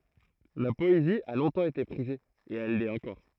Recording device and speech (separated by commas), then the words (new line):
throat microphone, read sentence
La poésie a longtemps été prisée, et elle l'est encore.